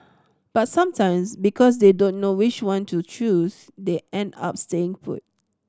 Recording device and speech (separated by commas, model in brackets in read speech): standing microphone (AKG C214), read sentence